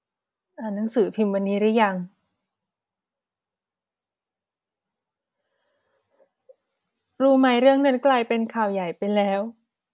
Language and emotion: Thai, sad